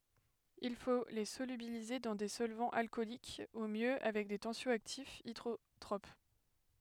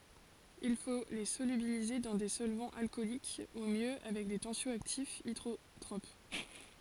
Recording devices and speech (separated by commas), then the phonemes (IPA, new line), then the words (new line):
headset microphone, forehead accelerometer, read sentence
il fo le solybilize dɑ̃ de sɔlvɑ̃z alkɔlik u mjø avɛk de tɑ̃sjɔaktifz idʁotʁop
Il faut les solubiliser dans des solvants alcooliques ou mieux avec des tensio-actifs hydrotropes.